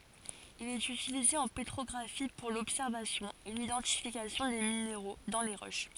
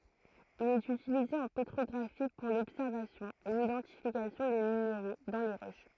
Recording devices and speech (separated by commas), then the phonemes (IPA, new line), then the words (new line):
forehead accelerometer, throat microphone, read sentence
il ɛt ytilize ɑ̃ petʁɔɡʁafi puʁ lɔbsɛʁvasjɔ̃ e lidɑ̃tifikasjɔ̃ de mineʁo dɑ̃ le ʁoʃ
Il est utilisé en pétrographie pour l'observation et l'identification des minéraux dans les roches.